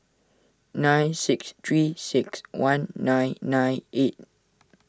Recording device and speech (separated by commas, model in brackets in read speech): standing microphone (AKG C214), read sentence